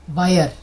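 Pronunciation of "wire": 'Wire' is pronounced incorrectly here.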